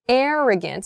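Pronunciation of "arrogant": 'Arrogant' starts with a big, wide 'air' sound.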